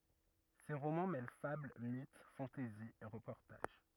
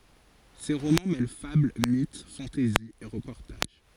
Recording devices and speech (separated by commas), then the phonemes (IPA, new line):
rigid in-ear microphone, forehead accelerometer, read sentence
se ʁomɑ̃ mɛl fabl mit fɑ̃tɛzi e ʁəpɔʁtaʒ